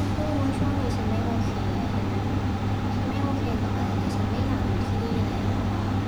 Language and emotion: Thai, frustrated